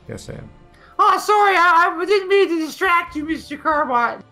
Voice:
high-pitched